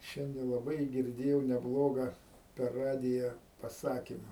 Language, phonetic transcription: Lithuanian, ˈšiande laˈbai girˈdėjau neˈbloga per ˈradija paˈsakima

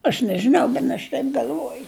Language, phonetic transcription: Lithuanian, aš nežiˈnau ˈben aš ˈtaip gal'ˈvuoju

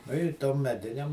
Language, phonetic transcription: Lithuanian, ˈnu i ˈtom meˈdinem

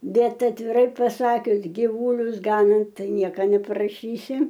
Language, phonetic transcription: Lithuanian, ˈbet atviˈrai paˈsakius giˈvūlius ˈganant ˈtai ˈnieka neparaˈšysi

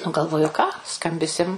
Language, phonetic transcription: Lithuanian, nu galˈvoju ką ˈskambisim

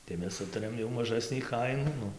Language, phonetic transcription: Lithuanian, tai ˈmes ˈsutarėm jau maˈžasnį ˈkainų ˈnu

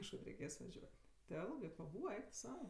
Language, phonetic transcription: Lithuanian, kažˈkad reiˈkės vaˈžiuot' ti ˈelgɜ paˈbūva ˈeik tu ˈsau

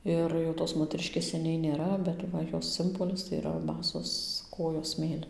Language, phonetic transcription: Lithuanian, ˈir jau tos moteˈriškės seˈniai nėˈra bet ˈva ˈjos ˈsimbolis tai yˈra ˈbasos ˈkojos ˈsmėlin

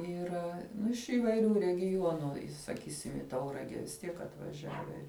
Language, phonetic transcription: Lithuanian, yˈra iš įvaiˈrių regiˈjuonu saˈkysim į ˈtaurage vis ˈtiek atvaˈžiave

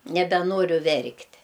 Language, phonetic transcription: Lithuanian, nebeˈnoriu ˈverkt'

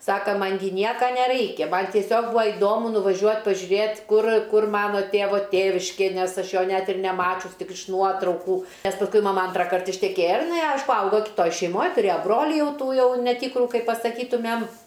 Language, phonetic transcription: Lithuanian, ˈsaka ˈman gi ˈnieka neˈraikia man tieˈsiog ˈbūa iˈdomu nuvaˈžiuot' pažiuˈrėt' ˈkur ˈkur ˈmano ˈtėvo ˈtėviškė ˈnes ˈaš ˈjo ˈnet ir neˈmačius ˈtik iš ˈnuotraukų ˈnes pasˈkui maˈma ˈantrakart išteˈkėja ir iˈnai ˈaišku ˈaugo kitˈoj šeiˈmoj tuˈrėjo ˈbroli ˈjau ˈtų ˈjau neˈtykru ˈkaip pasaˈkytumem

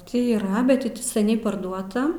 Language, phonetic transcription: Lithuanian, ˈtį yˈra ˈbet ti ˈti seˈniai parˈduota

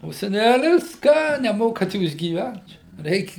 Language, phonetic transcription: Lithuanian, o seˈnælis ˈką neˈmokat ˈjūs gyˈvent čia ˈreik'

